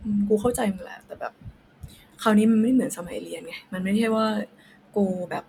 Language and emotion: Thai, sad